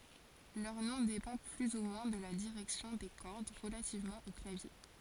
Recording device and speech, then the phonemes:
forehead accelerometer, read sentence
lœʁ nɔ̃ depɑ̃ ply u mwɛ̃ də la diʁɛksjɔ̃ de kɔʁd ʁəlativmɑ̃ o klavje

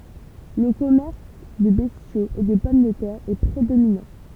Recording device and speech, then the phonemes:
temple vibration pickup, read sentence
lə kɔmɛʁs də bɛstjoz e də pɔm də tɛʁ ɛ pʁedominɑ̃

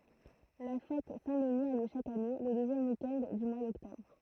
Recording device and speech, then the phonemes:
throat microphone, read sentence
la fɛt sɛ̃ dəni a ljø ʃak ane lə døzjɛm wik ɛnd dy mwa dɔktɔbʁ

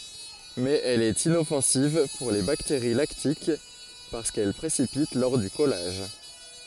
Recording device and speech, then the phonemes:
forehead accelerometer, read sentence
mɛz ɛl ɛt inɔfɑ̃siv puʁ le bakteʁi laktik paʁskɛl pʁesipit lɔʁ dy kɔlaʒ

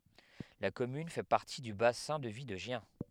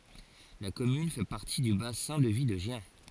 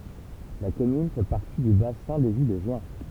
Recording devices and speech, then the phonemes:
headset microphone, forehead accelerometer, temple vibration pickup, read sentence
la kɔmyn fɛ paʁti dy basɛ̃ də vi də ʒjɛ̃

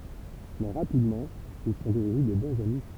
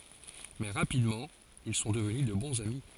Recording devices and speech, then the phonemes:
temple vibration pickup, forehead accelerometer, read sentence
mɛ ʁapidmɑ̃ il sɔ̃ dəvny də bɔ̃z ami

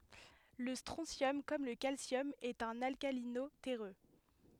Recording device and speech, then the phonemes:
headset microphone, read sentence
lə stʁɔ̃sjɔm kɔm lə kalsjɔm ɛt œ̃n alkalino tɛʁø

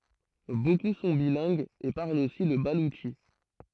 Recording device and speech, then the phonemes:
throat microphone, read sentence
boku sɔ̃ bilɛ̃ɡz e paʁlt osi lə balutʃi

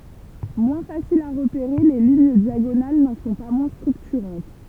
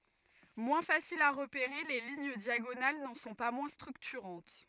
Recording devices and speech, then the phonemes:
temple vibration pickup, rigid in-ear microphone, read sentence
mwɛ̃ fasilz a ʁəpeʁe le liɲ djaɡonal nɑ̃ sɔ̃ pa mwɛ̃ stʁyktyʁɑ̃t

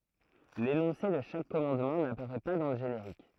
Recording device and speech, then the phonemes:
throat microphone, read sentence
lenɔ̃se də ʃak kɔmɑ̃dmɑ̃ napaʁɛ pa dɑ̃ lə ʒeneʁik

